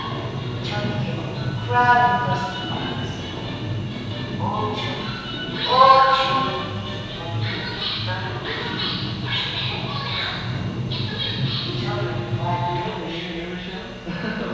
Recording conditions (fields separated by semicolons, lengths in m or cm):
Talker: one person; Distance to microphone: 7.1 m; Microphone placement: far; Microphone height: 1.7 m; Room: very reverberant, large; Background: television